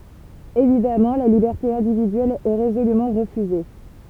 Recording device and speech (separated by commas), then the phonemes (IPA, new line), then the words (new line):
temple vibration pickup, read sentence
evidamɑ̃ la libɛʁte ɛ̃dividyɛl ɛ ʁezolymɑ̃ ʁəfyze
Évidemment, la liberté individuelle est résolument refusée.